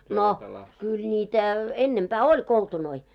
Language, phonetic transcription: Finnish, no , kyl ńitä , 'ennempää "oĺ 'koltunoi .
- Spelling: no kyllä niitä ennempää oli koltunoita

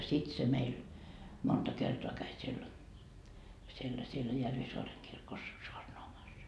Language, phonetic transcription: Finnish, 'sit se 'meil , 'monta kertoa 'käi siel , siellä siellä 'Järvisoareŋ kirkos , 'soarnoamas .
- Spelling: sitten se meillä monta kertaa kävi siellä siellä siellä Järvisaaren kirkossa saarnaamassa

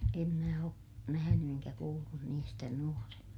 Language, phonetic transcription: Finnish, em mä o , nähäny eŋkä kuullun niistä nuorena .
- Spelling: en minä ole nähnyt enkä kuullut niistä nuorena

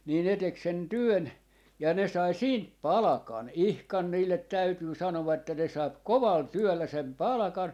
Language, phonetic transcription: Finnish, nii ne 'tek sen "työn , ja 'ne sai "siint "palᵃkan , 'ihkan 'niillet "täytyy 'sanova että ne 'saip "koval "työllä 'sem "palᵃkan .
- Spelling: niin ne teki sen työn ja ne sai siitä palkan ihan niille täytyy sanoa että ne sai kovalla työllä sen palkan

